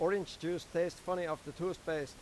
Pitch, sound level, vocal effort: 170 Hz, 93 dB SPL, loud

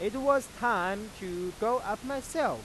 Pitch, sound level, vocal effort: 235 Hz, 98 dB SPL, loud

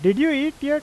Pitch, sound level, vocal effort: 295 Hz, 92 dB SPL, loud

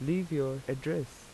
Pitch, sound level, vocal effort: 145 Hz, 82 dB SPL, normal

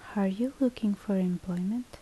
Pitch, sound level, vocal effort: 210 Hz, 71 dB SPL, soft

